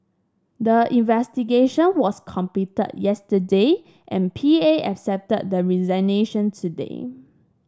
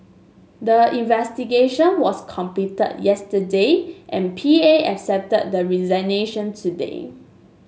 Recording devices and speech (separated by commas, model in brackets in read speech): standing microphone (AKG C214), mobile phone (Samsung S8), read sentence